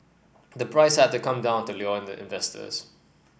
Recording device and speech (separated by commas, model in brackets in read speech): boundary microphone (BM630), read sentence